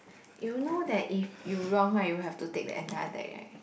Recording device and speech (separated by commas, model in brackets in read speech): boundary microphone, conversation in the same room